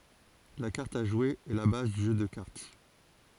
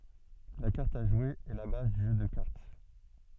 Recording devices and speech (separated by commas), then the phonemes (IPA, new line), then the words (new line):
forehead accelerometer, soft in-ear microphone, read sentence
la kaʁt a ʒwe ɛ la baz dy ʒø də kaʁt
La carte à jouer est la base du jeu de cartes.